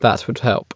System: none